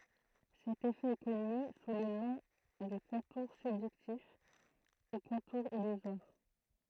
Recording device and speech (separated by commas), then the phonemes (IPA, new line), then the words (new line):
throat microphone, read sentence
sɛt efɛ ɛ kɔny su lə nɔ̃ də kɔ̃tuʁ sybʒɛktif u kɔ̃tuʁ ilyzwaʁ
Cet effet est connu sous le nom de contour subjectif ou contour illusoire.